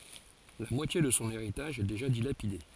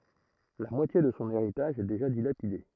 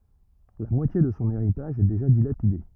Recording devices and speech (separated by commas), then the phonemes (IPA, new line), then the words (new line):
forehead accelerometer, throat microphone, rigid in-ear microphone, read sentence
la mwatje də sɔ̃ eʁitaʒ ɛ deʒa dilapide
La moitié de son héritage est déjà dilapidée.